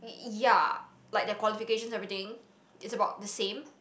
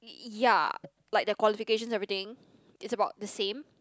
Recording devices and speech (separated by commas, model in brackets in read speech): boundary microphone, close-talking microphone, conversation in the same room